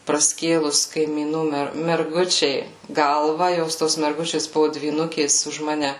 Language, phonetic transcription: Lithuanian, praˈskėlus kaimyˈnų ˈmer merˈgučei ˈgalva ˈjos ˈtos merˈgučės ˈbuvu dvyˈnukės už ˈmane

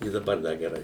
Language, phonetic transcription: Lithuanian, i daˈbar ˈda geˈrai

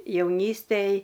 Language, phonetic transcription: Lithuanian, jauˈnystėj

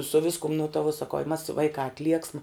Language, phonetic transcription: Lithuanian, su ˈviskum nu ta vuo saˈkau i mas ˈvaikā atˈlieksma

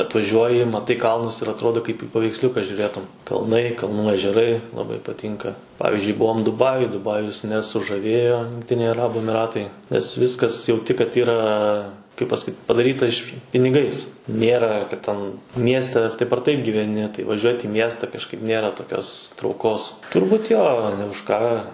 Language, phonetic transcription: Lithuanian, atvaˈžiuoji maˈtai ˈkalnus ir atˈrodo kaip i paveiksˈliuka žiūˈrėtum kalˈnai kalˈnų ežeˈrai laˈbai paˈtynka ˈpavizdžiui ˈbuom duˈbajuj duˈbajus nesužaˈvėjo jungˈtiniai aˈrabų emiˈratai nes ˈviskas jauˈti kad ˈyra kaip pasaˈkyt padaˈryta iš piniˈgais ˈnėra ˈten ˈmieste ar taip ar taip gyveˈni tai vaˈžiuot' į ˈmiesta kažˈkaip ˈnėra toˈkios trauˈkos turˈbūt ˈjo ne už ˈką

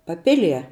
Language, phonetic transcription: Lithuanian, paˈpilie

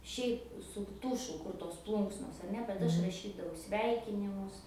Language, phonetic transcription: Lithuanian, šiaip su ˈtušu ˈkur tos ˈplunksnos ar ˈne bet ˈaš raˈšydavau ˈsveikinimus

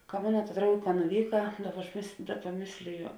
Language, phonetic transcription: Lithuanian, ka ˈmona ta ˈdraugė ka nuˈvyka ˈdaˌba aš mės ˈdaˌba ˈmėslijo

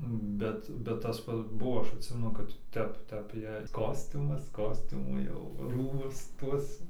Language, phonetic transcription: Lithuanian, ˈbet bet tas ˈpats ˈbuo ˈaš atˈsimenu kad ˈtep ˈtep jei ˈkostiumas ˈkostiumų ˈjau ˈrūbus ˈtuos

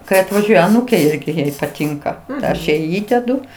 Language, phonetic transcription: Lithuanian, kai atvaˈžiuoja aˈnūkė ˈirgi ˈjai paˈtinka ˈaš ˈjai ˈįdedu

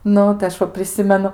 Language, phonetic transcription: Lithuanian, ˈnu tai aš ˈva priˈsimenu

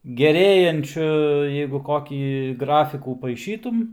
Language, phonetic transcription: Lithuanian, geˈrėjančiu jeigu ˈkokį ˈgrafikų paiˈšytum

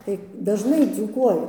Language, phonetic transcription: Lithuanian, tai dažˈnai dzūˈkuoju

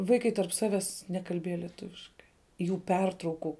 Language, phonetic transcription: Lithuanian, ˈvaikai tarp ˈsaves ˈnekalbieja lieˈtuviškai jų ˈpertrauku

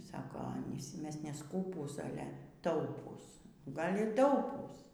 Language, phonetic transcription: Lithuanian, ˈsako ˈanys ˈmes neˈskūpūs ˈale ˈtaupūs ˈgal' y ˈtaupūs

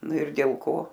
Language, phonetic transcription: Lithuanian, ˈnu ir dėl ˈko

